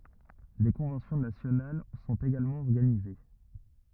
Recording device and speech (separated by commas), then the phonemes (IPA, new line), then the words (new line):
rigid in-ear microphone, read sentence
de kɔ̃vɑ̃sjɔ̃ nasjonal sɔ̃t eɡalmɑ̃ ɔʁɡanize
Des conventions nationales sont également organisées.